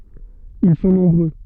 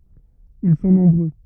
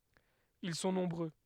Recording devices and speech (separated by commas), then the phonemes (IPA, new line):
soft in-ear microphone, rigid in-ear microphone, headset microphone, read sentence
il sɔ̃ nɔ̃bʁø